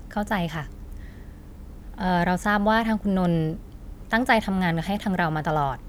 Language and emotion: Thai, frustrated